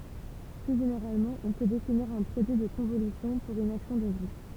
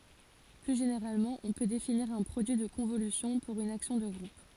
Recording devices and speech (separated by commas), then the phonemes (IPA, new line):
temple vibration pickup, forehead accelerometer, read sentence
ply ʒeneʁalmɑ̃ ɔ̃ pø definiʁ œ̃ pʁodyi də kɔ̃volysjɔ̃ puʁ yn aksjɔ̃ də ɡʁup